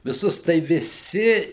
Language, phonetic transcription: Lithuanian, viˈsus tai viˈsi

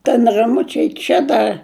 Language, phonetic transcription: Lithuanian, ten raˈmučiai ˈčia da

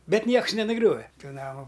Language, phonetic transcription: Lithuanian, ˈbet ˈnieks nenuˈgriove ˈtų ˈnamu

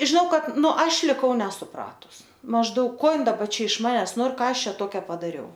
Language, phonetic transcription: Lithuanian, žiˈnau ˈkad ˈnu ˈaš liˈkau nesuˈpratus mažˈdaug ˈko ˈin daˈba iš ˈmanes ˈnor ˈką ˈaš ˈčia ˈtokia padaˈriau

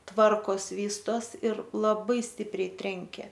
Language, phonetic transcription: Lithuanian, ˈtvarkos ˈvystos ir laˈbai ˈstipriai ˈtrenkė

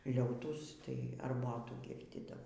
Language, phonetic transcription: Lithuanian, ˈliautųs tai arˈbotų ˈgirdydavo

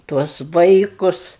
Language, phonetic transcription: Lithuanian, ˈtuos ˈvaikus

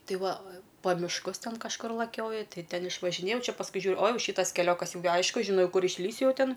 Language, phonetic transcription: Lithuanian, ˈtai ˈva pa mišˈkus ˈten kažˈkur laˈkioju ˈtai ˈten išvažiˈnėjau ˈčia pasˈkui ˈžiūr o ˈjau ˈšytas keˈliokas ˈjau gi ˈaišku žiˈnau ˈkur išˈlįsiu ˈjau ˈtin

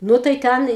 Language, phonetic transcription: Lithuanian, ˈnu tai ˈten

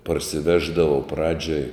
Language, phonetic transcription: Lithuanian, parsiˈveždavau ˈpradžioj

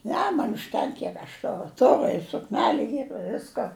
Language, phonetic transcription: Lithuanian, ˈne man užˈtenk ˈkiek aš ˈturu ˈturu i sukˈneliu ˈyr i ˈvisko

